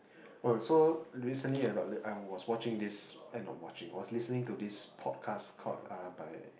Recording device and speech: boundary microphone, conversation in the same room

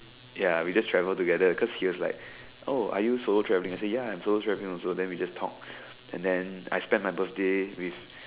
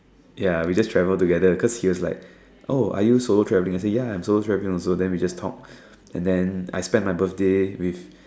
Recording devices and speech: telephone, standing microphone, conversation in separate rooms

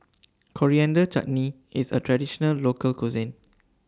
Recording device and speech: standing microphone (AKG C214), read sentence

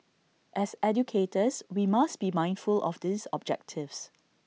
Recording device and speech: mobile phone (iPhone 6), read sentence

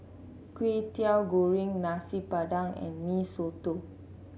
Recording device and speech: mobile phone (Samsung C7), read sentence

